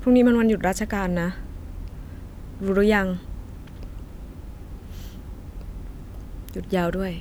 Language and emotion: Thai, frustrated